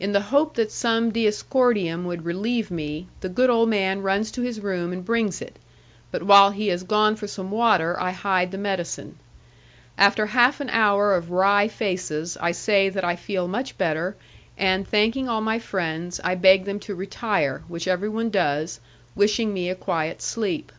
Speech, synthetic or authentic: authentic